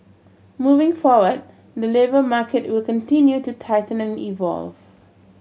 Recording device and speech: mobile phone (Samsung C7100), read sentence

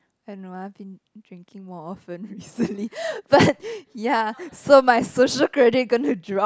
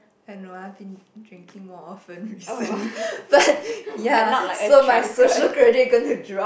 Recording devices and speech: close-talking microphone, boundary microphone, conversation in the same room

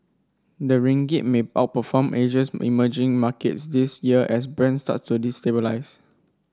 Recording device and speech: standing microphone (AKG C214), read sentence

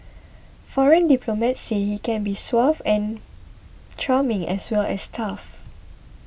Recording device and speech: boundary microphone (BM630), read sentence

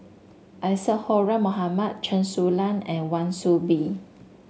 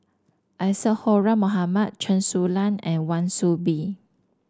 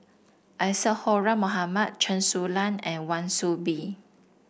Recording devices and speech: mobile phone (Samsung S8), standing microphone (AKG C214), boundary microphone (BM630), read sentence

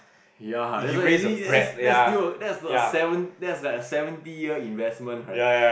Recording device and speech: boundary microphone, conversation in the same room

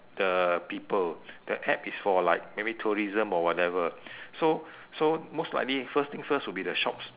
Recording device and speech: telephone, conversation in separate rooms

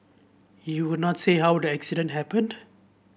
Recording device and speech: boundary microphone (BM630), read sentence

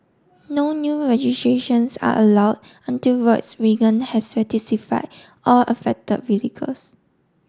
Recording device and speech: standing microphone (AKG C214), read sentence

